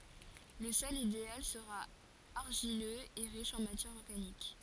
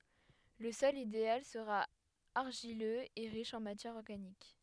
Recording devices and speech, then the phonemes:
forehead accelerometer, headset microphone, read sentence
lə sɔl ideal səʁa aʁʒiløz e ʁiʃ ɑ̃ matjɛʁ ɔʁɡanik

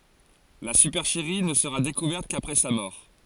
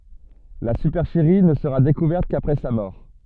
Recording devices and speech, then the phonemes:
forehead accelerometer, soft in-ear microphone, read sentence
la sypɛʁʃəʁi nə səʁa dekuvɛʁt kapʁɛ sa mɔʁ

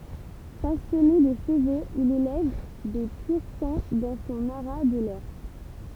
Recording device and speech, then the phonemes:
temple vibration pickup, read sentence
pasjɔne də ʃəvoz il elɛv de pyʁ sɑ̃ dɑ̃ sɔ̃ aʁa də lœʁ

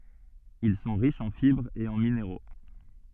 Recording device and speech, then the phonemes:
soft in-ear microphone, read sentence
il sɔ̃ ʁiʃz ɑ̃ fibʁz e ɑ̃ mineʁo

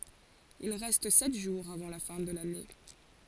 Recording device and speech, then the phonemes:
forehead accelerometer, read sentence
il ʁɛst sɛt ʒuʁz avɑ̃ la fɛ̃ də lane

